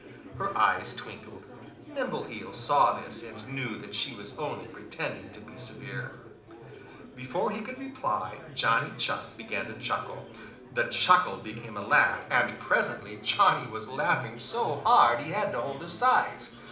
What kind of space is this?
A moderately sized room (about 5.7 m by 4.0 m).